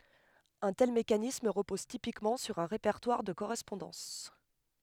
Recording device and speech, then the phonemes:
headset microphone, read sentence
œ̃ tɛl mekanism ʁəpɔz tipikmɑ̃ syʁ œ̃ ʁepɛʁtwaʁ də koʁɛspɔ̃dɑ̃s

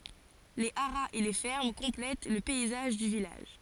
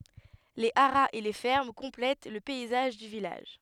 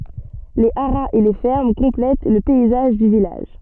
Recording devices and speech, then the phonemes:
forehead accelerometer, headset microphone, soft in-ear microphone, read sentence
le aʁaz e le fɛʁm kɔ̃plɛt lə pɛizaʒ dy vilaʒ

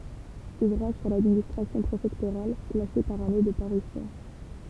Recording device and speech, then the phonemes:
temple vibration pickup, read sentence
uvʁaʒ syʁ ladministʁasjɔ̃ pʁefɛktoʁal klase paʁ ane də paʁysjɔ̃

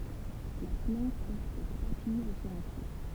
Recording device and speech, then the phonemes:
temple vibration pickup, read sentence
la plɑ̃t pɔʁt tʁwa tiʒ syʁ œ̃ pje

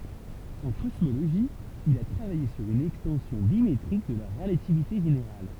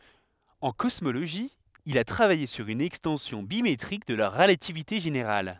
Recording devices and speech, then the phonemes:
temple vibration pickup, headset microphone, read sentence
ɑ̃ kɔsmoloʒi il a tʁavaje syʁ yn ɛkstɑ̃sjɔ̃ bimetʁik də la ʁəlativite ʒeneʁal

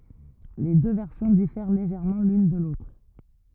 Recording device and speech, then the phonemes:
rigid in-ear microphone, read sentence
le dø vɛʁsjɔ̃ difɛʁ leʒɛʁmɑ̃ lyn də lotʁ

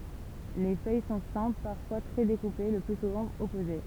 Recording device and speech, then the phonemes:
temple vibration pickup, read sentence
le fœj sɔ̃ sɛ̃pl paʁfwa tʁɛ dekupe lə ply suvɑ̃ ɔpoze

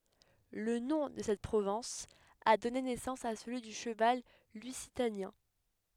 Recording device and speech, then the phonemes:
headset microphone, read sentence
lə nɔ̃ də sɛt pʁovɛ̃s a dɔne nɛsɑ̃s a səlyi dy ʃəval lyzitanjɛ̃

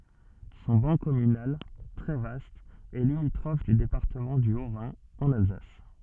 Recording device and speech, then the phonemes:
soft in-ear microphone, read sentence
sɔ̃ bɑ̃ kɔmynal tʁɛ vast ɛ limitʁɔf dy depaʁtəmɑ̃ dy otʁɛ̃ ɑ̃n alzas

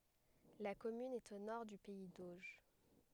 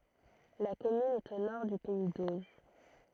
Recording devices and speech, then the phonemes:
headset microphone, throat microphone, read sentence
la kɔmyn ɛt o nɔʁ dy pɛi doʒ

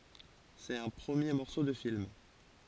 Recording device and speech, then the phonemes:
forehead accelerometer, read sentence
sɛt œ̃ pʁəmje mɔʁso də film

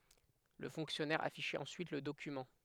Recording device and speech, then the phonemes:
headset microphone, read sentence
lə fɔ̃ksjɔnɛʁ afiʃɛt ɑ̃syit lə dokymɑ̃

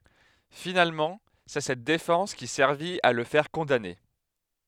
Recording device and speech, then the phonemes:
headset microphone, read sentence
finalmɑ̃ sɛ sɛt defɑ̃s ki sɛʁvit a lə fɛʁ kɔ̃dane

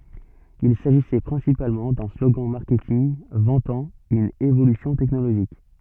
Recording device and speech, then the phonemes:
soft in-ear microphone, read sentence
il saʒisɛ pʁɛ̃sipalmɑ̃ dœ̃ sloɡɑ̃ maʁkɛtinɡ vɑ̃tɑ̃ yn evolysjɔ̃ tɛknoloʒik

